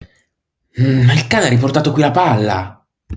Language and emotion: Italian, angry